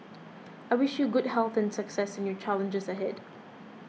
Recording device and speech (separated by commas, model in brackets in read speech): mobile phone (iPhone 6), read sentence